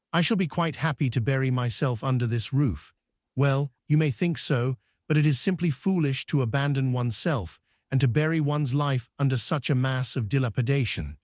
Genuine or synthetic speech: synthetic